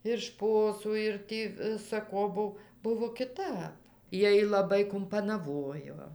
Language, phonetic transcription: Lithuanian, ir ˈšposų ir ˈtį visa ˈko ˈbuv ˈbuvo kiˈtap ˈjiej laˈbai kumpanaˈvojo

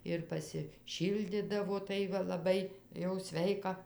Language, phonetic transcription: Lithuanian, ir pasiˈšyldidavo ˈtai va laˈbai jau ˈsveika

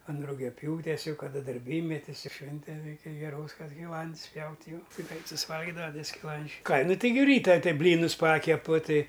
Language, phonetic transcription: Lithuanian, an rugiaˈpjūtės ˈjau kaˈda darˈbymetis ˈšvinten ˈreikia geˈros kad skiˈlands ˈpjaut' jau ˈtai ˈgrait susiˈvalgidava ˈtie skiˈlandžiai ˈką ˈnu ˈtai gi ˈryta ˈtɨ ˈblynus ˈpakepu ˈtɨ

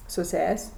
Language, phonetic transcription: Lithuanian, su ˈses'

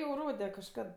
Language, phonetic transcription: Lithuanian, jau ˈrode kažˈkad

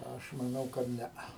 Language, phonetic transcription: Lithuanian, ˈaš maˈnau kad ˈnea

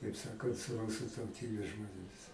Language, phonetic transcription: Lithuanian, kaip ˈsakant su ˈrusu tauˈtybės žmonėˈmis

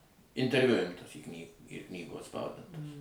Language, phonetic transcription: Lithuanian, interˈviu ˈimtas į kny ir ˈknygoj atˈspaudintas

